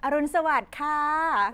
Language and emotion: Thai, happy